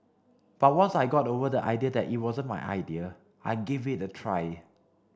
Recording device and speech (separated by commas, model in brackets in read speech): standing microphone (AKG C214), read sentence